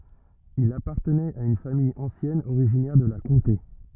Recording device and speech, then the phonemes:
rigid in-ear microphone, read sentence
il apaʁtənɛt a yn famij ɑ̃sjɛn oʁiʒinɛʁ də la kɔ̃te

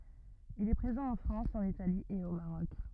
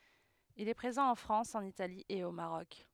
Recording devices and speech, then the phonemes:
rigid in-ear microphone, headset microphone, read sentence
il ɛ pʁezɑ̃ ɑ̃ fʁɑ̃s ɑ̃n itali e o maʁɔk

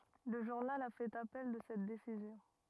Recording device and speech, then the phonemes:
rigid in-ear microphone, read sentence
lə ʒuʁnal a fɛt apɛl də sɛt desizjɔ̃

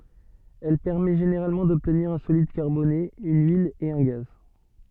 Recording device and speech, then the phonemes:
soft in-ear microphone, read sentence
ɛl pɛʁmɛ ʒeneʁalmɑ̃ dɔbtniʁ œ̃ solid kaʁbone yn yil e œ̃ ɡaz

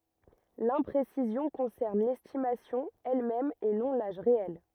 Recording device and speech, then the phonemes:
rigid in-ear microphone, read sentence
lɛ̃pʁesizjɔ̃ kɔ̃sɛʁn lɛstimasjɔ̃ ɛlmɛm e nɔ̃ laʒ ʁeɛl

